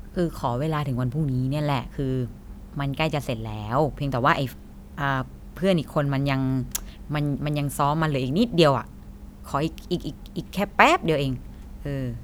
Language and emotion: Thai, neutral